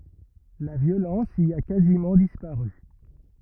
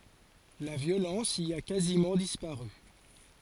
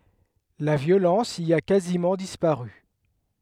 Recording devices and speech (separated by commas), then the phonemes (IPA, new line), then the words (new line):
rigid in-ear microphone, forehead accelerometer, headset microphone, read sentence
la vjolɑ̃s i a kazimɑ̃ dispaʁy
La violence y a quasiment disparu.